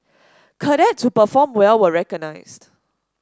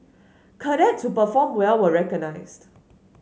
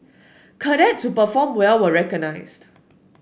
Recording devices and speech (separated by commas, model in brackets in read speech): standing microphone (AKG C214), mobile phone (Samsung S8), boundary microphone (BM630), read sentence